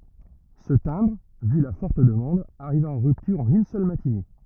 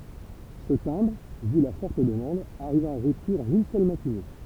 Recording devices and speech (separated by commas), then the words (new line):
rigid in-ear microphone, temple vibration pickup, read sentence
Ce timbre, vu la forte demande, arriva en rupture en une seule matinée.